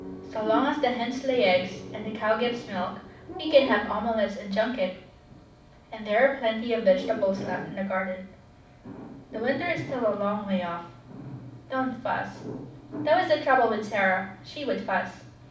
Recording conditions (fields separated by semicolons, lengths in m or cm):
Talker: one person; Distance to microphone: 5.8 m; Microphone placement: far; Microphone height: 1.8 m; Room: medium-sized (5.7 m by 4.0 m); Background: television